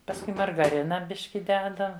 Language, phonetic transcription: Lithuanian, pasˈkui margaˈrina ˈbiški ˈdeda

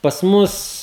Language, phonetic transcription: Lithuanian, pas ˈmus

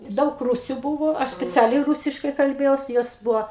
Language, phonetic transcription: Lithuanian, ˈdaug ˈrūsiu ˈbuvo ˈaš speˈcialiai ˈrūsiškai kalˈbėjaus ˈjos ˈbuvo

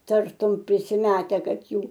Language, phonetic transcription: Lithuanian, ˈtartum prisiˈmete ˈkad ˈjų

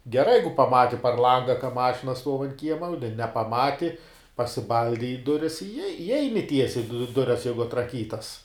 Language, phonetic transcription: Lithuanian, geˈrai ˈjeigu paˈmati par ˈlanga ka ˈmašina stuov ant ˈkiema u ne nepaˈmati pasiˈbaldi i ˈduris i i ˈeini ˈtiesiai du ˈdures ˈjeigu atraˈkytas

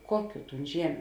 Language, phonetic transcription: Lithuanian, ˈkuoˌkių ˈtūn ˈžiemiu

